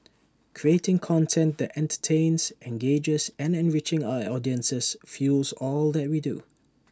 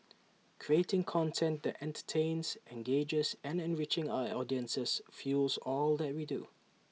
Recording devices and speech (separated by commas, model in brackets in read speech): standing microphone (AKG C214), mobile phone (iPhone 6), read sentence